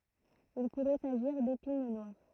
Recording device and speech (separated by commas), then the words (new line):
throat microphone, read sentence
Il pourrait s'agir d'épine noire.